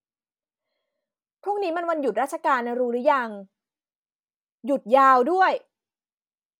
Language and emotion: Thai, frustrated